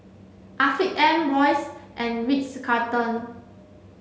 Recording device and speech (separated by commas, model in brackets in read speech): mobile phone (Samsung C7), read sentence